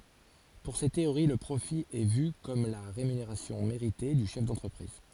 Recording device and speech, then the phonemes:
forehead accelerometer, read sentence
puʁ se teoʁi lə pʁofi ɛ vy kɔm la ʁemyneʁasjɔ̃ meʁite dy ʃɛf dɑ̃tʁəpʁiz

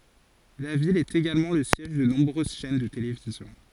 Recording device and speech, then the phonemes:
forehead accelerometer, read sentence
la vil ɛt eɡalmɑ̃ lə sjɛʒ də nɔ̃bʁøz ʃɛn də televizjɔ̃

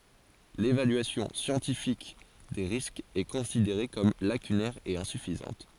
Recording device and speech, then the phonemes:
forehead accelerometer, read sentence
levalyasjɔ̃ sjɑ̃tifik de ʁiskz ɛ kɔ̃sideʁe kɔm lakynɛʁ e ɛ̃syfizɑ̃t

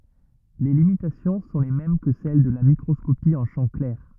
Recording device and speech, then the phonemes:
rigid in-ear microphone, read sentence
le limitasjɔ̃ sɔ̃ le mɛm kə sɛl də la mikʁɔskopi ɑ̃ ʃɑ̃ klɛʁ

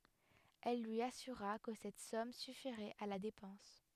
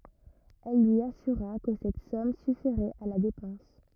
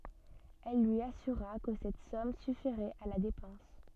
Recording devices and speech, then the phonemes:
headset microphone, rigid in-ear microphone, soft in-ear microphone, read sentence
ɛl lyi asyʁa kə sɛt sɔm syfiʁɛt a la depɑ̃s

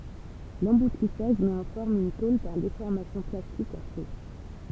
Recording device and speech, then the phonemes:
temple vibration pickup, read sentence
lɑ̃butisaʒ mɛt ɑ̃ fɔʁm yn tol paʁ defɔʁmasjɔ̃ plastik a ʃo

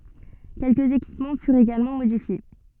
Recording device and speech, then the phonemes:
soft in-ear microphone, read sentence
kɛlkəz ekipmɑ̃ fyʁt eɡalmɑ̃ modifje

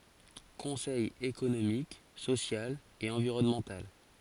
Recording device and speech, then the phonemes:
forehead accelerometer, read sentence
kɔ̃sɛj ekonomik sosjal e ɑ̃viʁɔnmɑ̃tal

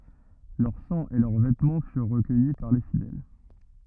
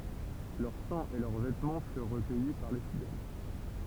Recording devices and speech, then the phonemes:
rigid in-ear microphone, temple vibration pickup, read sentence
lœʁ sɑ̃ e lœʁ vɛtmɑ̃ fyʁ ʁəkœji paʁ le fidɛl

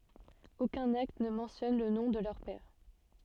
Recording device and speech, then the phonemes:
soft in-ear microphone, read sentence
okœ̃n akt nə mɑ̃tjɔn lə nɔ̃ də lœʁ pɛʁ

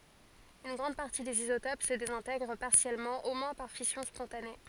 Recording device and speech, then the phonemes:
forehead accelerometer, read sentence
yn ɡʁɑ̃d paʁti dez izotop sə dezɛ̃tɛɡʁ paʁsjɛlmɑ̃ o mwɛ̃ paʁ fisjɔ̃ spɔ̃tane

